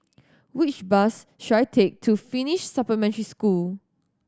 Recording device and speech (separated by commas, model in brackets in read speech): standing microphone (AKG C214), read sentence